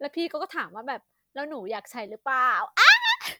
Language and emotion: Thai, happy